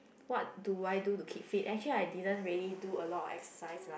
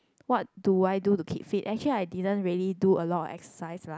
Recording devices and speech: boundary microphone, close-talking microphone, conversation in the same room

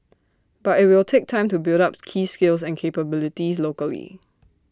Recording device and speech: standing microphone (AKG C214), read sentence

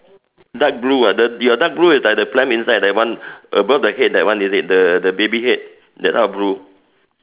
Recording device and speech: telephone, conversation in separate rooms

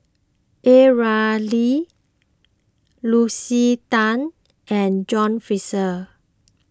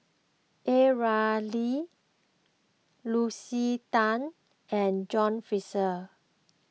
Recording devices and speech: close-talking microphone (WH20), mobile phone (iPhone 6), read sentence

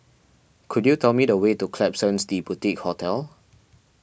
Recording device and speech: boundary microphone (BM630), read sentence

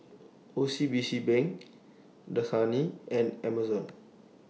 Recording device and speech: mobile phone (iPhone 6), read sentence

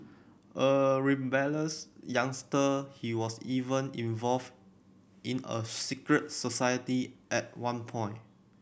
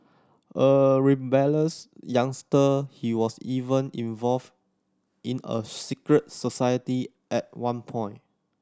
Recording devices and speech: boundary microphone (BM630), standing microphone (AKG C214), read sentence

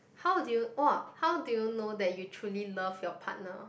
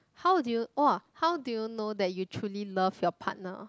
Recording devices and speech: boundary microphone, close-talking microphone, conversation in the same room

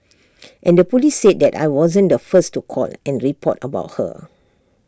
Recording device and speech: standing microphone (AKG C214), read sentence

